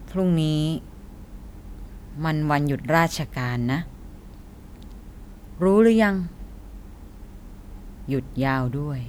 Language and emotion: Thai, neutral